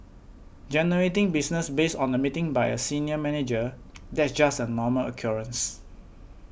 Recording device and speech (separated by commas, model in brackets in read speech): boundary microphone (BM630), read sentence